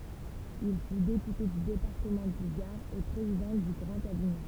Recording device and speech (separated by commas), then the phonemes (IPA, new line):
temple vibration pickup, read sentence
il fy depyte dy depaʁtəmɑ̃ dy ɡaʁ e pʁezidɑ̃ dy ɡʁɑ̃t aviɲɔ̃